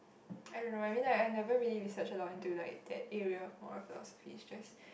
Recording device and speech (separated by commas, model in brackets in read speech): boundary microphone, conversation in the same room